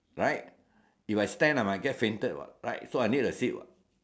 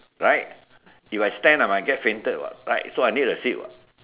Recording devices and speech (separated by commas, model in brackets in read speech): standing microphone, telephone, conversation in separate rooms